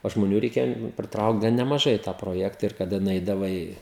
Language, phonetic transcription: Lithuanian, o žmoˈnių ˈreikėjo priˈtraukt gan nemaˈžai i tą proˈjekta ir kaˈda nuˈeidavai

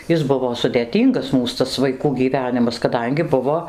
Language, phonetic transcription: Lithuanian, ˈjis ˈbuvo sudėˈtyngas ˈmūs tas vaiˈkų gyˈvenimas kaˈdangi ˈbuvo

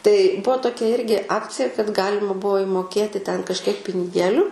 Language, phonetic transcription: Lithuanian, tai ˈbuvo toˈkia ˈirgi ˈakcija kad ˈgalima ˈbuo imoˈkėti ten kažˈkiek piniˈgėliu

